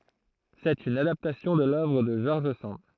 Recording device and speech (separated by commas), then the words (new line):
throat microphone, read sentence
C’est une adaptation de l’œuvre de George Sand.